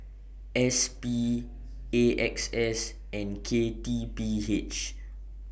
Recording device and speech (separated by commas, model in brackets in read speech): boundary microphone (BM630), read sentence